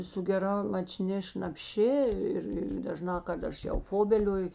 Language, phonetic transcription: Lithuanian, su geˈra maˈčni šnapˈši ˈir ir daˈžnā kad ˈaš jau ˈfobelioju

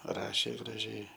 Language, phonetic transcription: Lithuanian, ˈrašė graˈžiai

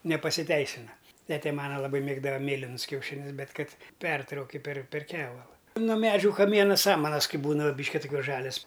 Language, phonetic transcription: Lithuanian, nepasiˈteisina ˈtete ˈmana laˈbai ˈmėgdava ˈmėlinus kiauˈšinius ˈbet ˈkad ˈpertrauki per per ˈkevala no ˈmedžiu kaˈmiena ˈsamanas ˈkai ˈbūna ˈbyški tuˈkiuos ˈžalias

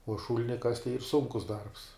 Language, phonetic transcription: Lithuanian, uo ˈšūlini kast' tai yr ˈsunkus darbs

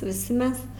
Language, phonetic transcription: Lithuanian, viˈsi ˈmes

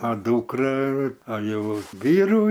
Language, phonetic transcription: Lithuanian, a ˈdūkra a ˈjau ˈvyrų

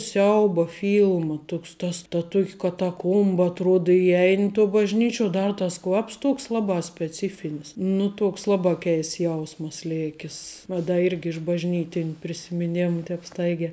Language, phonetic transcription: Lithuanian, ˈsiauba ˈfylma ˈtuks tas ta ˈtuok' kataˈkuomba atˈruod iˈjein' to bažˈnyčiuo ˈdar tas ˈkvaps ˈtuoks ˈlabā speˈcifinis ˈnu ˈtuoks ˈlabā ˈkeists ˈjausmas ˈlėkis ˈva da ˈirgi iš bažˈnytin' prisimiˈnėmu ˈtēp ˈstaigē

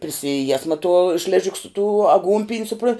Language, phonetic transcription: Lithuanian, prisiˈjiesma tuo ˈšležik su tū aˈgūnpin' suˈpron

